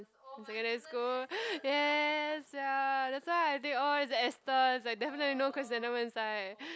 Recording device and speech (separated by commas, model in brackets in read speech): close-talking microphone, conversation in the same room